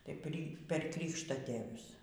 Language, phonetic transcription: Lithuanian, tai pri per ˈkrykštatėvius

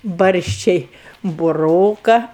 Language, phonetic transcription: Lithuanian, ˈbarščiai buˈroka

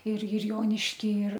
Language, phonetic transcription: Lithuanian, ir ir ˈjonišky ir

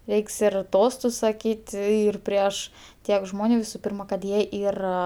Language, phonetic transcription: Lithuanian, ˈreiks ir ˈtostus saˈkyti ˈir ˈprieš ˈtiek ˈžmoniu visu ˈpyrma kad ˈjie ˈyra

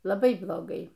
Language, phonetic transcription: Lithuanian, laˈbai bloˈgai

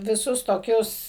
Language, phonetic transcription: Lithuanian, viˈsus toˈkius

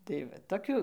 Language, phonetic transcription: Lithuanian, tai ˈva toˈkių

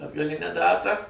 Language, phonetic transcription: Lithuanian, atgaˈlinę ˈdatą

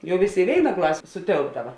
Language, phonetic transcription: Lithuanian, ˈjau ˈvėˌsė i ˈvėina ˈklasė suˈtėlpdava

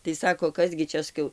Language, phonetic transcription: Lithuanian, tai ˈsako ˈkas gi ˈčia saˈkiau

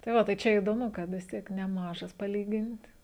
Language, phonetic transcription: Lithuanian, tai ˈva tai ˈčia idoˈmu kad vis ˈtiek neˈmažas paˈlygint

